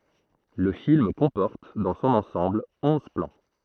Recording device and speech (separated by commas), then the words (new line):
throat microphone, read sentence
Le film comporte, dans son ensemble, onze plans.